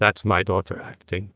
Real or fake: fake